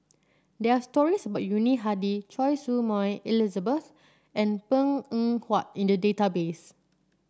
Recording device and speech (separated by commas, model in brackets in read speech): standing microphone (AKG C214), read sentence